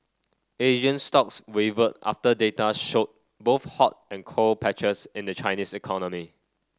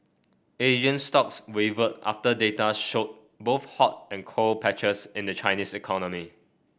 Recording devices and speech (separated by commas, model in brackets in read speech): standing microphone (AKG C214), boundary microphone (BM630), read sentence